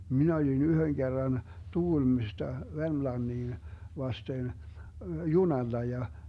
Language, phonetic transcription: Finnish, 'minä olin "yhöŋ 'Gerran , 'TuGulmista , 'Vermlanniin , 'vasten , "junalla ja ,.
- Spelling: minä olin yhden kerran Tukholmasta Vermlantiin vasten junalla ja

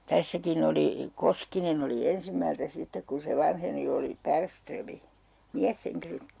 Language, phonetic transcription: Finnish, 'tässäkin ‿oli , 'Koskinen ‿oli 'ensimmältä 'sittek ku se 'vanheni oli "Pärströmi , "miäsheŋkilöt .
- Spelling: tässäkin oli Koskinen oli ensimmältä sitten kun se vanheni oli Bergström mieshenkilöt

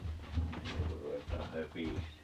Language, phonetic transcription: Finnish, (enneŋ ko) 'ruvet̀aa "höpis̀ee .
- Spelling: ennen kuin ruvetaan höpisemään

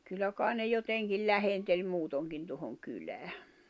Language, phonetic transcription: Finnish, 'kyllä kài̬ ne 'joteŋkil "lähenteĺ 'muutoŋkin tᵘᵒhoŋ 'kylää .
- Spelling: kyllä kai ne jotenkin lähenteli muutenkin tuohon kylään

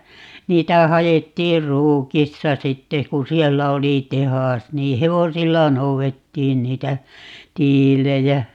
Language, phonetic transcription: Finnish, 'niitä 'hajettiir "Ruukista 'sitte ku "siellä 'oli "tehàs nii "hevosilla 'nou₍ettiin 'niitä , "tiilejä .
- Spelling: niitä haettiin Ruukista sitten kun siellä oli tehdas niin hevosilla noudettiin niitä tiiliä

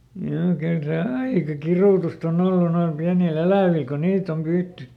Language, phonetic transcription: Finnish, joo ˈkyl ˈse "aika "kirùtust ‿oˈn ‿ollu noil ˈpiäni"l ‿elä̀vìˡ ko ˈniit ‿om ˈpyytty .
- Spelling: joo kyllä se aika kidutusta on ollut noilla pienillä elävillä kun niitä on pyydetty

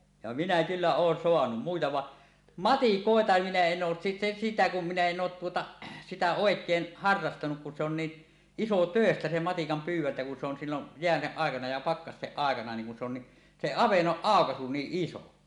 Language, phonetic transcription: Finnish, ja minä kyllä oon soanum muita 'vaˀ , "matikòeta 'minä en 'oos si-si- sitä kum minä en 'oot 'tuota , 'sitä "òek̀een "harrastanuk kun se ‿on ni , "isotö̀estä 'se "matikam 'pyyw̆wäntä kun se on sillon , "je̳ä̳seˀ 'ˀàekana ja 'pakkasteˀ 'ˀàekana 'niiŋ kun se ‿on ni , se "avennoˀ "ˀàokasu 'niiˀ "ˀiso .
- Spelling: ja minä kyllä olen saanut muita vaan matikoita minä en ole - sitä kun minä en ole tuota sitä oikein harrastanut kun se on niin isotöistä se matikan pyydäntä kun se on silloin jäiden aikana ja pakkasten aikana niin kun se on niin se avannon aukaisu niin iso

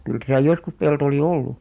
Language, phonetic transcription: Finnish, kyl täsä̀ 'joskus pelto oli "ollu .
- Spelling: kyllä tässä joskus pelto oli ollut

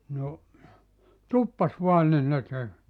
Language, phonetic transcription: Finnish, » no , "tuppas 'voan nin ne 'tek- . «
- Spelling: no tuppasi vain niin ne -

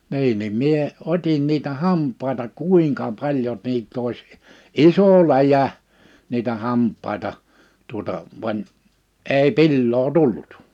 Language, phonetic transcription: Finnish, 'ni̬in nim 'mie , 'ot́in niitä 'hamp̆paita "kùiŋka 'paĺjo 'niit't ‿òis , "isò 'läjä , niitä 'hamp̆pàita , tuᵒta , vań , 'ei "pilloo "tullᴜt .
- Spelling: niin niin minä otin niitä hampaita kuinka paljon niitä olisi iso läjä niitä hampaita tuota vaan ei pilaa tullut

